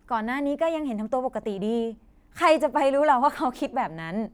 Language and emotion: Thai, happy